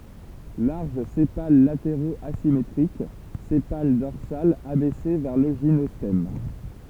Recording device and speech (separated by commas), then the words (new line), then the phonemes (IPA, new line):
temple vibration pickup, read sentence
Larges sépales latéraux asymétriques, sépale dorsal abaissé vers le gynostème.
laʁʒ sepal lateʁoz azimetʁik sepal dɔʁsal abɛse vɛʁ lə ʒinɔstɛm